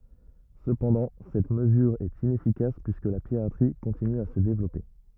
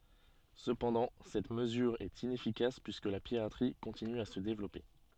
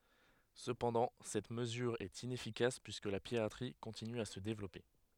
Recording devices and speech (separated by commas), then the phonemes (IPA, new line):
rigid in-ear microphone, soft in-ear microphone, headset microphone, read sentence
səpɑ̃dɑ̃ sɛt məzyʁ ɛt inɛfikas pyiskə la piʁatʁi kɔ̃tiny a sə devlɔpe